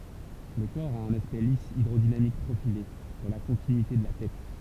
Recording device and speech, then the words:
temple vibration pickup, read sentence
Le corps a un aspect lisse hydrodynamique profilé dans la continuité de la tête.

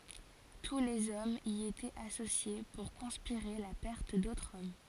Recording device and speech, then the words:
forehead accelerometer, read sentence
Tous les hommes y étaient associés pour conspirer la perte d'autres hommes.

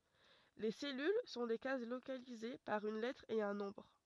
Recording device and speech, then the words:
rigid in-ear microphone, read sentence
Les cellules sont des cases localisées par une lettre et un nombre.

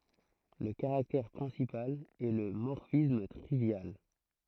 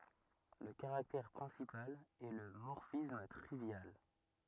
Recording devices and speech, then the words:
throat microphone, rigid in-ear microphone, read sentence
Le caractère principal est le morphisme trivial.

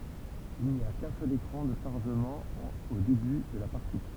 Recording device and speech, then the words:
temple vibration pickup, read sentence
Il n'y a qu'un seul écran de chargement au début de la partie.

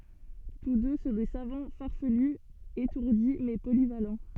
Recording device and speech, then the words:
soft in-ear microphone, read sentence
Tous deux sont des savants farfelus, étourdis mais polyvalents.

